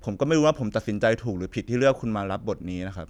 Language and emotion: Thai, frustrated